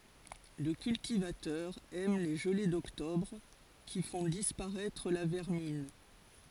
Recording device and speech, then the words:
forehead accelerometer, read sentence
Le cultivateur aime les gelées d'octobre qui font disparaître la vermine.

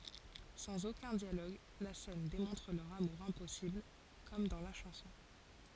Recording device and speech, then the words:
forehead accelerometer, read sentence
Sans aucun dialogue, la scène démontre leur amour impossible… comme dans la chanson.

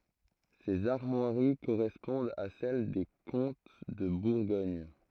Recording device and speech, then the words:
throat microphone, read sentence
Ces armoiries correspondent à celle des comtes de Bourgogne.

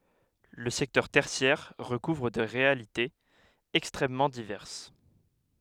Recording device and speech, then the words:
headset microphone, read sentence
Le secteur tertiaire recouvre des réalités extrêmement diverses.

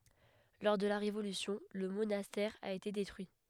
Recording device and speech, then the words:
headset microphone, read sentence
Lors de la Révolution, le monastère a été détruit.

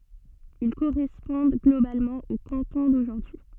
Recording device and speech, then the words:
soft in-ear microphone, read sentence
Ils correspondent globalement aux cantons d'aujourd'hui.

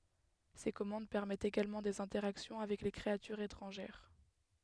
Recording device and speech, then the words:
headset microphone, read sentence
Ces commandes permettent également des interactions avec les créatures étrangères.

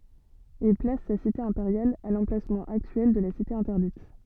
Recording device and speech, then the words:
soft in-ear microphone, read sentence
Il place sa cité impériale à l'emplacement actuel de la Cité interdite.

